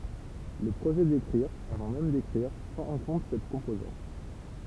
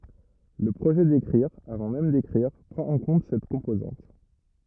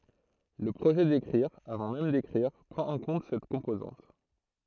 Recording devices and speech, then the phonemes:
temple vibration pickup, rigid in-ear microphone, throat microphone, read sentence
lə pʁoʒɛ dekʁiʁ avɑ̃ mɛm dekʁiʁ pʁɑ̃t ɑ̃ kɔ̃t sɛt kɔ̃pozɑ̃t

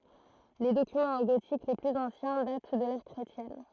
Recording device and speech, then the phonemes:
throat microphone, read sentence
le dokymɑ̃z ɑ̃ ɡotik le plyz ɑ̃sjɛ̃ dat dy də lɛʁ kʁetjɛn

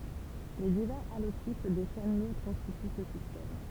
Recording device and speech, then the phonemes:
temple vibration pickup, read sentence
le divɛʁz alotip de ʃɛn luʁd kɔ̃stity sə sistɛm

